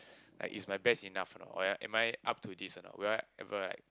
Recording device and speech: close-talking microphone, conversation in the same room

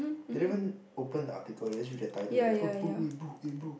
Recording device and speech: boundary microphone, conversation in the same room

